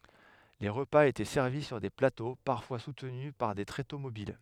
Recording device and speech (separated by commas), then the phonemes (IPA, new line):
headset microphone, read sentence
le ʁəpaz etɛ sɛʁvi syʁ de plato paʁfwa sutny paʁ de tʁeto mobil